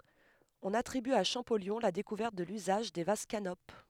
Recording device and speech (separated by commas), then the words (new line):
headset microphone, read sentence
On attribue à Champollion la découverte de l'usage des vases canopes.